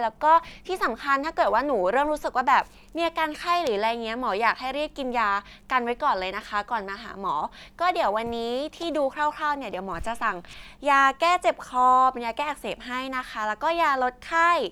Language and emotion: Thai, neutral